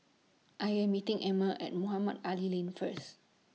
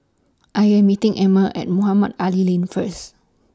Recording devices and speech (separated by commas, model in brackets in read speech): mobile phone (iPhone 6), standing microphone (AKG C214), read sentence